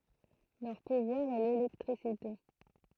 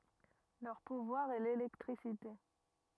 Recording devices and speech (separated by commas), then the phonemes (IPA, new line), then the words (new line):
throat microphone, rigid in-ear microphone, read sentence
lœʁ puvwaʁ ɛ lelɛktʁisite
Leur pouvoir est l'électricité.